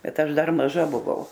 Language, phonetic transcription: Lithuanian, ˈbet ˈaš ˈdar maˈža buˈvau

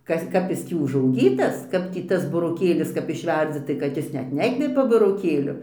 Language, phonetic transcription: Lithuanian, ˈkas ˈkap jis ˈtį užauˈgytas ˈkap tį ˈtas buroˈkėlis kap išˈverdzi tai kad ˈjis ˈnet ˈnekvepia buroˈkėliu

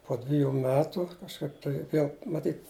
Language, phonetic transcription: Lithuanian, po ˈdviju ˈmetu kažˈkaip tai ˈviel maˈtyt

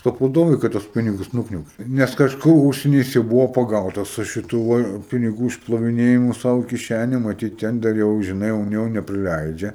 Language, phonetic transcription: Lithuanian, ˈtep iˈdomiai ˈkad tuos ˈpinigus ˈnukniauki nes kažˈko ˈūžseny ˈjis jau ˈbuvo paˈgautas su šiˈtu ˈva piniˈgų išploviˈnėjimu sau i kiˈšæne maˈtyt ˈten dar jau žiˈnai un ˈjo nepriˈleidžia

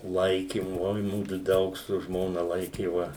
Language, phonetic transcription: Lithuanian, ˈlaikim ˈoi ˈmudu ˈdaug su ˈžmona ˈlaikėva

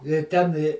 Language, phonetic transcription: Lithuanian, i ˈten i

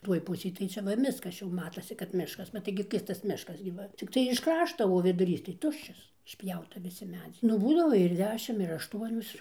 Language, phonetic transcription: Lithuanian, ˈtuoj ˈpusėj tai ˈčia ˈva ˈmiskas ˈčia jau ˈmatosi kad ˈmiškas bet ˈtaigi ˈkirstas ˈmiškas gi ˈva cikˈtai iš ˈkrašto o viduˈrys tai ˈtuščias išˈpjauta viˈsi ˈmedziai nu ˈbūdavo ir ˈdešim ir ašˈtuonios

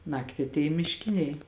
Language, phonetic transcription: Lithuanian, ˈnakti atˈėja mišˈkiniai

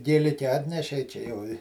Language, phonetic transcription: Lithuanian, gėˈlike ˈatnešei ˈčia jau i

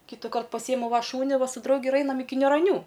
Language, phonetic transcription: Lithuanian, kytyˈkart paˈsyjemu va ˈšūni ˈva su ˈdraugi ir ˈainam ˈiki niūraˈnių

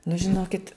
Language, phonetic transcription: Lithuanian, nu žiˈnokit

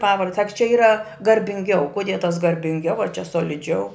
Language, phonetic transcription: Lithuanian, ˈpavard sak čia ˈyra garbinˈgiau kuˈdie tas garbinˈgiau ar čia soliˈdžiau

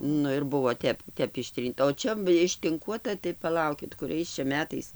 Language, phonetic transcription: Lithuanian, ˈnu ir ˈbuvo ˈtep ˈtep išˈtrynta o ˈčia ištinˈkuota tai paˈlaukit kuˈriais čia ˈmetais

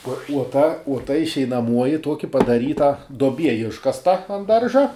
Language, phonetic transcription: Lithuanian, uo uo ˈta uo ˈta išeinaˈmuoji ˈtuoki padaˈryta duoˈbie ˈiškasta an ˈdarža

